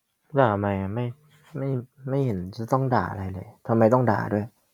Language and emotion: Thai, frustrated